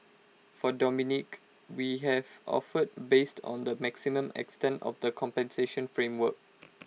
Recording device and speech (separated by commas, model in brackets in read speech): mobile phone (iPhone 6), read sentence